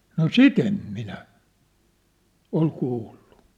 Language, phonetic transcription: Finnish, no "sit ‿em 'minä , 'ol 'kuullu .
- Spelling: no sitä en minä ole kuullut

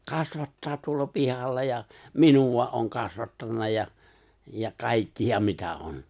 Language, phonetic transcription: Finnish, 'kasvattaa tuolla 'pihalla ja , "minuᵛa oŋ 'kasvattanna ja , ja 'kàikkiʲa mitä 'on .
- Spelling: kasvattaa tuolla pihalla ja minua on kasvattanut ja ja kaikkia mitä on

